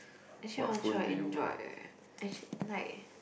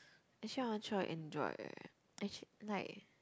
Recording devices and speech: boundary microphone, close-talking microphone, conversation in the same room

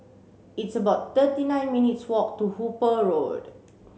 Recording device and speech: mobile phone (Samsung C7), read sentence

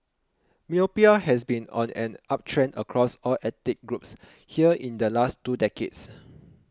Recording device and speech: close-talking microphone (WH20), read sentence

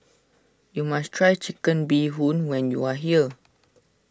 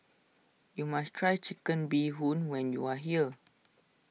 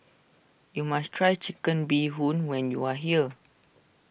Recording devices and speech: standing microphone (AKG C214), mobile phone (iPhone 6), boundary microphone (BM630), read sentence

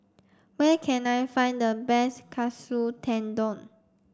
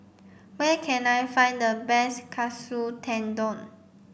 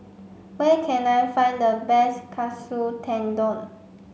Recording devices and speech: standing microphone (AKG C214), boundary microphone (BM630), mobile phone (Samsung C5), read sentence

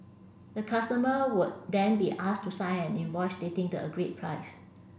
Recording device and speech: boundary microphone (BM630), read sentence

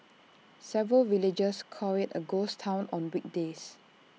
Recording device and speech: mobile phone (iPhone 6), read sentence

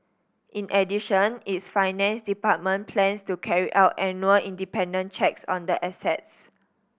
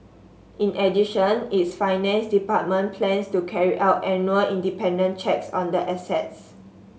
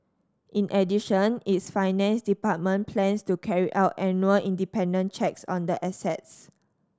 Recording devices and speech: boundary microphone (BM630), mobile phone (Samsung S8), standing microphone (AKG C214), read sentence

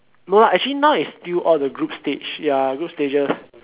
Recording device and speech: telephone, conversation in separate rooms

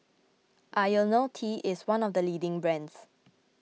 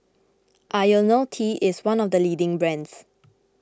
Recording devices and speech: mobile phone (iPhone 6), close-talking microphone (WH20), read sentence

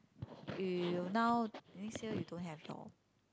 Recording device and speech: close-talking microphone, conversation in the same room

